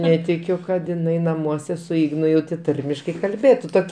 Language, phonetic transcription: Lithuanian, ˈnetikiu kad iˈnai naˈmuose su ˈignu jau tė ˈtarmiškai kalˈbėtu ˈtok'

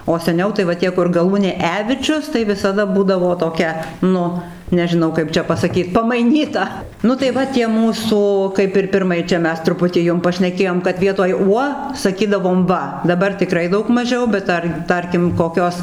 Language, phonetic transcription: Lithuanian, o seˈniau tai va ˈtie kur gaˈlūnė ˈevičius tai visaˈda ˈbūdavo toˈkia ˈnu nežiˈnau ˈkaip čia pasaˈkyt pamaiˈnyta ˈnu tai ˈva tie ˈmūsų kaip ir ˈpirmai ˈčia ˈmes truˈputį ˈjum pašneˈkėjom kad ˈvietoj ˈuo saˈkydavom ˈva daˈbar tiˈkrai ˈdaug maˈžiau bet ˈtar ˈtarkim koˈkios

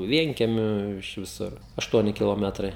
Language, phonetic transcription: Lithuanian, ˈvienkiemiu iš viˈsur ašˈtuoni kiloˈmetrai

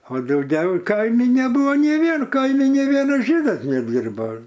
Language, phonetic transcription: Lithuanian, o dauˈgiau ˈkaimi neˈbūvo nei ˈvien ˈkaimi nei ˈvienas ˈžydas neˈdyrbo

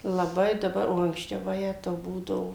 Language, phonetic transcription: Lithuanian, laˈbai daˈbar o anksˈčiau vaˈjetau ˈbūdavo

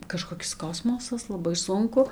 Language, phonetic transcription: Lithuanian, kažkoˈkis ˈkosmosas laˈbai ˈsunku

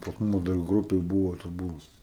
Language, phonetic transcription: Lithuanian, pas ˈmus dar ˈgrupėj ˈbuvo ta ˈbuvo

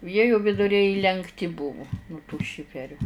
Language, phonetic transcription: Lithuanian, ˈjie ju viduˈriai įlenkˈti ˈbuvu nu tų ˈšiferių

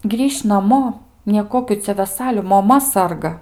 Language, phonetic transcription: Lithuanian, ˈgrįš' naˈmo nieˈkokių ˈcia veˈsaliu moˈma ˈsarga

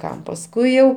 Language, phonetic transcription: Lithuanian, ˈkam pasˈkui jau

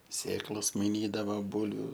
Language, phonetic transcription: Lithuanian, ˈsėklos maiˈnydava ˈbūlviu

